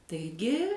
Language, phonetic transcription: Lithuanian, taiˈgi

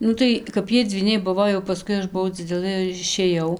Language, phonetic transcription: Lithuanian, ˈnu tai kap ˈjie dzvyˈniai ˈbuvo jau paˈskui ˈaš buˈvau dziˈdelɘ ir išėˈjau

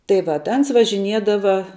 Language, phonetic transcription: Lithuanian, tai ˈvat ˈans važiˈniedava

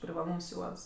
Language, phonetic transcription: Lithuanian, privaˈlūms ˈjuods

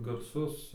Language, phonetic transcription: Lithuanian, garˈsus

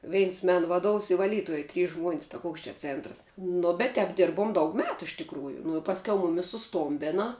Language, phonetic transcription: Lithuanian, ˈveins ˈmen vaˈduovs i vaˈlytuoj trys žmuon's' taˈkuoks čia ˈcėntras nu bet tēp ˈdirbuom daug ˈmetu iš tikˈrųju nu i pasˈkiau ˈmumis suˈstombina

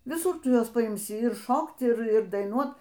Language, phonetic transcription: Lithuanian, viˈsur ˈtu ˈjuos paimˈsi ir ˈšokt ˈir ˈir daiˈnuot

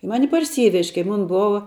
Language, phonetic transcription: Lithuanian, ˈmani parˈsyvež' kai ˈmon ˈbova

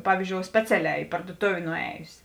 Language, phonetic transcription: Lithuanian, ˈpavyzdžiou ˈspeciaˌlē i parduoˈtovė nuˈejus'

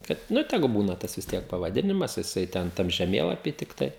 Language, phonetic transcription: Lithuanian, kad ˈnu ˈtegu ˈbūna ˈtas vis ˈtiek pavaˈdinimas jiˈsai ten ˈtam žeˈmėlapy tikˈtai

